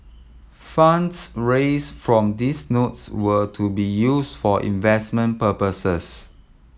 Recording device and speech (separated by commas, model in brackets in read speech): mobile phone (iPhone 7), read sentence